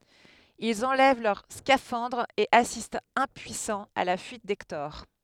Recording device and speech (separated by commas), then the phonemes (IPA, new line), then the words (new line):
headset microphone, read sentence
ilz ɑ̃lɛv lœʁ skafɑ̃dʁz e asistt ɛ̃pyisɑ̃z a la fyit dɛktɔʁ
Ils enlèvent leurs scaphandres et assistent impuissants à la fuite d’Hector.